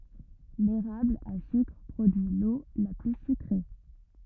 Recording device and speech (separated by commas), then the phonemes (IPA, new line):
rigid in-ear microphone, read sentence
leʁabl a sykʁ pʁodyi lo la ply sykʁe